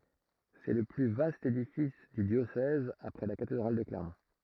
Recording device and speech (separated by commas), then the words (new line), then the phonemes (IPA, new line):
throat microphone, read sentence
C'est le plus vaste édifice du diocèse après la cathédrale de Clermont.
sɛ lə ply vast edifis dy djosɛz apʁɛ la katedʁal də klɛʁmɔ̃